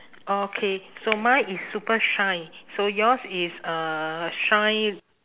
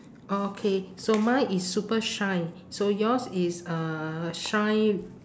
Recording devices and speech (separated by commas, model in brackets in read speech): telephone, standing microphone, conversation in separate rooms